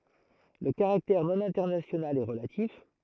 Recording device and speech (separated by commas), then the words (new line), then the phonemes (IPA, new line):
throat microphone, read sentence
Le caractère non-international est relatif.
lə kaʁaktɛʁ nonɛ̃tɛʁnasjonal ɛ ʁəlatif